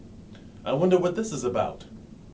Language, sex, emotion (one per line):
English
male
neutral